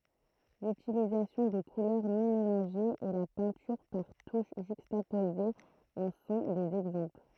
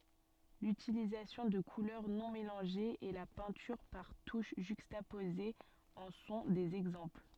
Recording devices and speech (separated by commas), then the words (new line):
throat microphone, soft in-ear microphone, read sentence
L'utilisation de couleurs non-mélangées et la peinture par touches juxtaposées en sont des exemples.